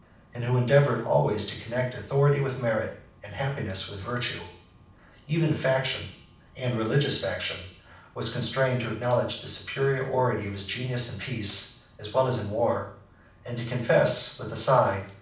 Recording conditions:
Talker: one person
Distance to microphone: 5.8 m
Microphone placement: far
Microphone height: 1.8 m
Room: medium-sized (5.7 m by 4.0 m)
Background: none

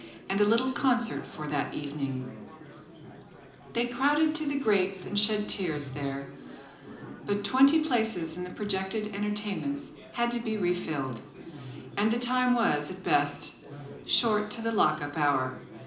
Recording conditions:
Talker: one person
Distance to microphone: 2.0 m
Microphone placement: close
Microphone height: 99 cm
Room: medium-sized (5.7 m by 4.0 m)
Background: babble

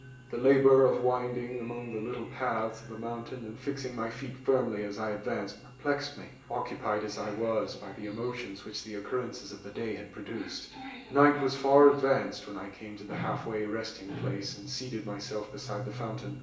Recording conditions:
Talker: one person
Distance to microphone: 1.8 m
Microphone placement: close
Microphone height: 1.0 m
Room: large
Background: television

